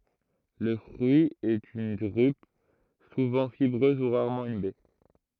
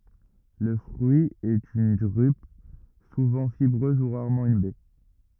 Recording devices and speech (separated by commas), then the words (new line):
throat microphone, rigid in-ear microphone, read sentence
Le fruit est une drupe, souvent fibreuse ou rarement une baie.